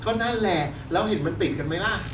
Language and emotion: Thai, frustrated